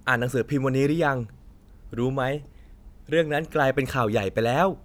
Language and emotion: Thai, happy